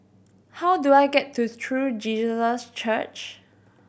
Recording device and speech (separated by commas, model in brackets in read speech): boundary microphone (BM630), read sentence